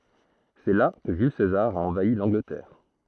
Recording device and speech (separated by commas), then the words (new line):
throat microphone, read sentence
C'est là que Jules César a envahi l'Angleterre.